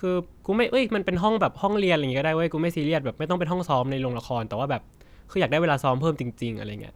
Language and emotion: Thai, neutral